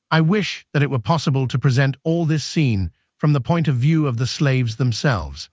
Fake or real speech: fake